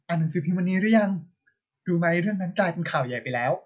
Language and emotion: Thai, happy